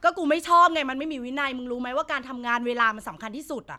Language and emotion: Thai, angry